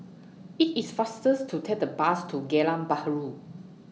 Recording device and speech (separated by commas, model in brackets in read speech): mobile phone (iPhone 6), read sentence